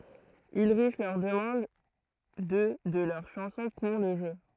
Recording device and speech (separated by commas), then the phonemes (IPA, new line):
throat microphone, read sentence
ylʁiʃ lœʁ dəmɑ̃d dø də lœʁ ʃɑ̃sɔ̃ puʁ lə ʒø